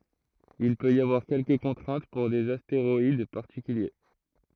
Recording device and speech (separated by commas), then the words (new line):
throat microphone, read sentence
Il peut y avoir quelques contraintes pour des astéroïdes particuliers.